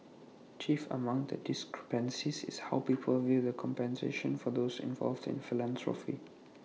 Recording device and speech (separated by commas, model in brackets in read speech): mobile phone (iPhone 6), read sentence